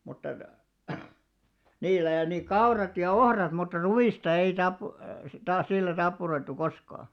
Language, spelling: Finnish, mutta niillä ja niin kaurat ja ohrat mutta ruista ei - taas sillä tappuroitu koskaan
- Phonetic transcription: mutta , 'niil̆lä ja ni "kaurat ja "ohrat mutta "ruʷìsta 'ei tap- , taas 'sillä 'tappuroittu 'koskaa .

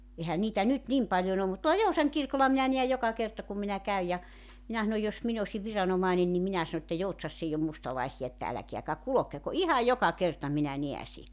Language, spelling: Finnish, eihän niitä nyt niin paljon ole mutta tuolla Joutsan kirkolla minä näen joka kerta kun minä käyn ja minä sanon jos minä olisin viranomainen niin minä sanon että Joutsassa ei ole mustalaisia että älkääkä kulkeko ihan joka kerta minä näen -
- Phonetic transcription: 'ehä 'niitä 'nyt "nim paljon ‿om mut tuola "Jousaŋ 'kirkola minä niäj 'joka 'kerta kum minä 'käyj ja , 'minä 'sanoj jos 'min ‿osi 'viranomaenen ni 'minä sano että » 'Joutsas's ‿eij ‿om 'mustalaesija että 'äläkeäkä "kulokeko « "ihaj "joka 'kerta 'minä 'neä sie- .

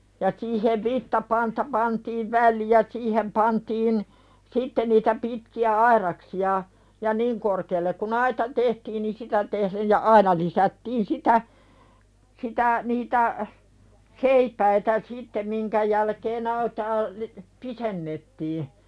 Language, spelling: Finnish, ja siihen vitsapanta pantiin väliin ja siihen pantiin sitten niitä pitkiä aidaksia ja niin korkealle kuin aita tehtiin niin sitä tehden ja aina lisättiin sitä sitä niitä seipäitä sitten minkä jälkeen aitaa - pidennettiin
- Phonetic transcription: ja siihev 'vittapanta pantiiv "välliʲ ja 'siihem pantiin , 'sitte niitä pitki₍ä "airaksi₍a , ja "niŋ korkeellek ku'n ‿aita tehtiin ni "sitä tehlej ja 'aina lisättiin "sitä , sitä , niitä , "seipäitä 'sitte miŋkä jälkeen ‿aitaa , li- , "pisennettii .

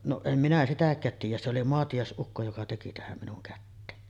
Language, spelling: Finnish, no en minä sitäkään tiedä se oli maatiaisukko joka teki tähän minun käteen
- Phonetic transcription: noˀ , 'em minä 'sitäk̀äät tiij̆jä , se oli "moatijàes’ukko joka teki 'tähäm minuŋ kätteen .

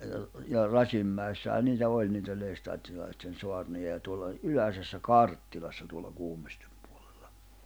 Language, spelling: Finnish, ja - ja Rasinmäessähän niitä oli niitä lestadiolaisten saarnoja ja tuolla oli Yläsessä Karttilassa tuolla Kuhmoisten puolella
- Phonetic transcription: ja r- , ja 'Rasimmä̀issähä 'niitä 'oĺ niitä 'Leestaattilaisten 'soarnoja ja tuolla oĺ , "Yläsessä "Karttilassa tuolla 'Kuhᴍᴏs̀tᴇᴍ pᴜᴏʟᴇʟʟᴀ .

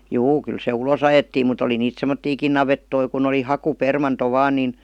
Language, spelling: Finnish, juu kyllä se ulos ajettiin mutta oli niitä semmoisiakin navettoja kun oli hakupermanto vain niin
- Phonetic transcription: juu 'kyl se "ulos ‿ajettiim mut ‿oli niit "semmottiikin 'navettoi kun ‿oli 'haku'permanto 'vaan nìn .

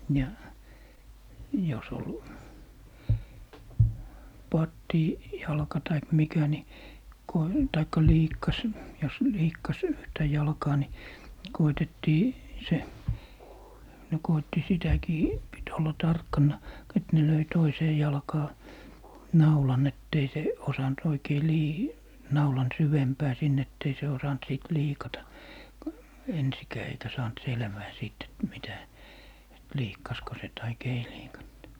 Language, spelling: Finnish, ja jos oli - pattijalka tai mikä niin kun tai liikkasi jos liikkasi yhtä jalkaa niin koetettiin se ne koetti sitäkin piti olla tarkkana - että ne löi toiseen jalkaan naulan että ei se osannut oikein - naulan syvempään sinne että ei se osannut sitten liikata ensinkään eikä saanut selvää siitä että mitä että liikkasiko se tai ei liikannut
- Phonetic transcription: ja , jos ‿ol , "pattì- , -'jalka taik 'mikä ni , ko , taikka 'liikkas , jos 'liikkas yhtä 'jalkaa ni , 'koitettii , 'se , ne 'koitti "sitäkii , pit olla 'tarkkanna , k - ‿et ne löi 'toisee 'jalkaa , "naulan ett ‿ei 'se , 'osant oikei 'lii- , 'naulan 'syvempää 'sin ‿ett ‿ei se osant 'sìt 'liikata , "ensikää eikä 'saant "selvää 'siit ‿et 'mitä , et 'liikkasko se 'taik "ei 'liikant .

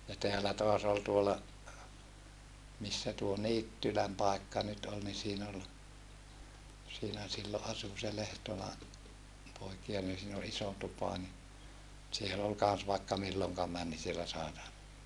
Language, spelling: Finnish, ja täällä taas oli tuolla missä tuo Niittylän paikka nyt oli niin siinä oli siinä silloin asui se Lehtola poikia niin siinä oli iso tupa niin siellä oli kanssa vaikka milloin meni niin siellä sai tanssia
- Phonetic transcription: ja teälä toas ‿ol tuola , missä tuo Niittyläm pàekka nyt ol ni siin ‿ol , siinä sillo ʼasu se Lehtola , poikia nin siin ‿ol iso tupa ni , siel ‿ol kans vaikka milloŋka män ni siellä sàe (tanssia) .

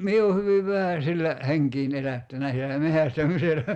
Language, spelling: Finnish, minä olen hyvin vähän sillä henkeäni elättänyt sillä metsästämisellä
- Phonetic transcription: 'mie o 'hyviv "vähä sillä , 'heŋkiin 'elättänä sillä "mehästämisellä .

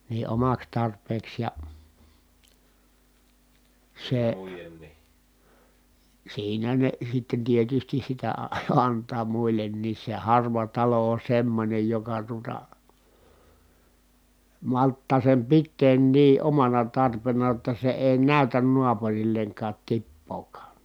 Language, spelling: Finnish, niin omaksi tarpeeksi ja se siinä ne sitten tietysti sitä - antaa muillekin se harva talo on semmoinen joka tuota malttaa sen pitää niin omana tarpeena jotta se ei näytä naapurilleenkaan tippaakaan
- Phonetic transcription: ni omaks tarp̀eeks ja , sè siinä ne sitten tietystis sitä a- , ant̆taa muil̆lenniis se harva talo on̬ semmońej joka tuota , malttaa sem pitteen nii omana tarpena jotta se èi nä̀ytän nuapurilleŋkaat tippookaa .

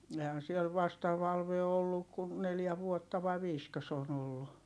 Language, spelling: Finnish, eihän siellä vasta Valve on ollut kuin neljä vuotta vai viisikö se on ollut
- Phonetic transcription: ehän siel vasta Valve o olluk kun neljä vuotta vai viiskö se ‿on ‿ollu .

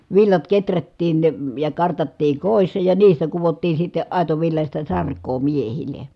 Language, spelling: Finnish, villat kehrättiin ja kartattiin kodissa ja niistä kudottiin sitten aitovillaista sarkaa miehille
- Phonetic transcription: villat keträttiin , ja kartattii kòissa ja niistä kuvottii sitte , ài̮tovillaśta sark̀oo miehile .

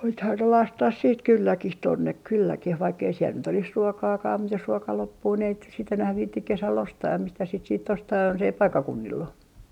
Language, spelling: Finnish, nythän ne lasketaan sitten kylläkin tuonne kylläkin vaikka ei siellä nyt olisi ruokaakaan mutta jos ruoka loppuu niin ei sitten nyt enää viitsi kesällä ostaa mistään sitä sitten ostaa jos ei paikkakunnilla ole
- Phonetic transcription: nythän ne 'lastah siit 'kylläkih tonnek 'kylläkih vaikk ‿ei siel nyt ‿olis "ruokaakaa mut jos 'ruoka 'loppuu ni ei sit nyt enäh 'viittik 'kesäl "ostaam mistäs sit siit 'ostaa jonsei "paikkakunnill ‿o .

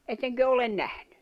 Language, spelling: Finnish, ettekö ole nähnyt
- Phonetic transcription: etteŋkö olen 'nähɴʏ ?

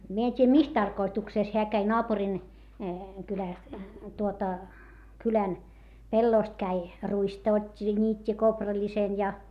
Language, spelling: Finnish, minä en tiedä missä tarkoituksessa hän kävi naapurin kylästä tuota kylän pellosta kävi ruista otti ja niitti kourallisen ja
- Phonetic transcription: mie en t́iijä mis tarkoituksès heä käi noapurin , kylä̀st , tuota , kylän , pellòst käi , ruista ot́t́i ja ńiit́t́i kopraĺisen ja .

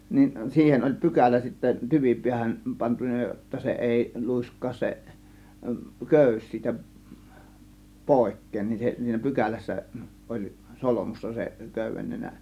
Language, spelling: Finnish, niin siihen oli pykälä sitten tyvipäähän pantu jotta se ei luiskahda se köysi siitä pois niin se siinä pykälässä oli solmussa se köydennenä
- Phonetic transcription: nin , 'siihen oĺ "pykälä sittä 'tyvipiähän , 'pantun̆na jotta 'se "èi , "lùisk̀aas se , 'kö̀ys siitä , "pòėk̆keen nin se , siinä 'pykälässä , oĺ "solomussa seˀ , 'kö̀yvennenä .

